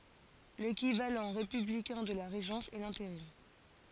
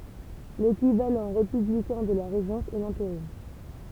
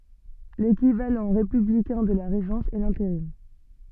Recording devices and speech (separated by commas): forehead accelerometer, temple vibration pickup, soft in-ear microphone, read sentence